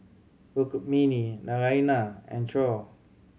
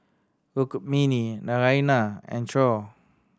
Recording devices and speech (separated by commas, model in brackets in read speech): mobile phone (Samsung C7100), standing microphone (AKG C214), read sentence